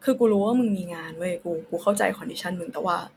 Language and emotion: Thai, frustrated